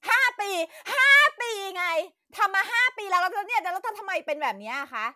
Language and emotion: Thai, angry